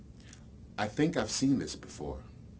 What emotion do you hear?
neutral